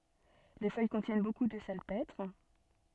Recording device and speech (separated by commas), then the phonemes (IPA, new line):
soft in-ear microphone, read sentence
le fœj kɔ̃tjɛn boku də salpɛtʁ